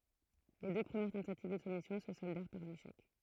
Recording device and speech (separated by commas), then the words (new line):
throat microphone, read sentence
Les deux premières tentatives de soumission se soldèrent par un échec.